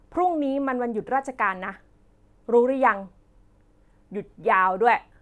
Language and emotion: Thai, frustrated